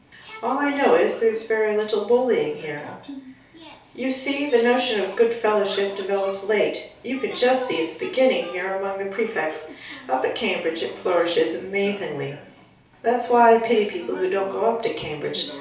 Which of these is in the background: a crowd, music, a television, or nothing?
A television.